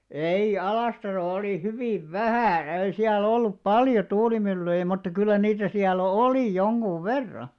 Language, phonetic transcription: Finnish, 'ei 'Alàstarol ‿olì 'hyvìv "vähä̀ , ei siä'l ‿ollup "paljo 'tuulimyllyjᵃ̈ mutta kyllä 'niitä siäl "olì 'joŋɢuv̆ "verra .
- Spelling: ei Alastarolla oli hyvin vähän ei siellä ollut paljon tuulimyllyjä mutta kyllä niitä siellä oli jonkun verran

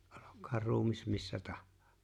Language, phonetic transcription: Finnish, 'ᴏʟok̀̀aar "ruumis 'missä "taʜʜᴀᴀ .
- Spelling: olkoon ruumis missä tahansa

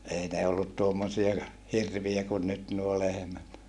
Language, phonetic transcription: Finnish, ei ne ollut tuommosia , hirviä kun nyt nuo lehᵉmät .
- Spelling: ei ne ollut tuommoisia hirviä kuin nyt nuo lehmät

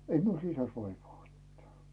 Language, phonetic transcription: Finnish, ei miu 'sisäs "vaivaa mittᴀ̈ᴀ̈ .
- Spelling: ei minun sisässä vaivaa mitään

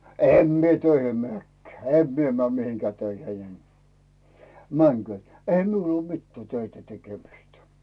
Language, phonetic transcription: Finnish, em mie 'töihim 'meä̀kkᴀ̈ᴀ̈ , "em mie mᵉä̀ mihiŋkää 'töiheⁱ 'en , "mäŋkʸö̀t , eihä 'miul ‿uo 'mittää "töitä 'tekemistᴀ̈ .
- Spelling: en minä töihin menekään en minä mene mihinkään töihin en menkööt eihän minulla ole mitään töitä tekemistä

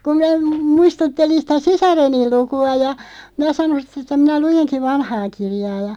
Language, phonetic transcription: Finnish, kum mⁱnä , m- 'muistuttelin 'sitä "sisareniˡ 'luku₍a ja , 'minä 'sanon̬ siᵗ ‿että » 'minä 'lujeŋki "vanhaa 'kirjaa « ja ,.
- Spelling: kun minä - muistuttelin sitä sisareni lukua ja minä sanoin sitten että minä luenkin vanhaa kirjaa ja

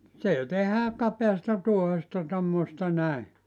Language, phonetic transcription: Finnish, 'se 'tehää , 'kapeasta 'tuohesta tommosta näi .
- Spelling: se tehdään kapeasta tuohesta tuommoista näin

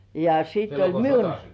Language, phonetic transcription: Finnish, ja siitte "miun ,.
- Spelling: ja sitten minun

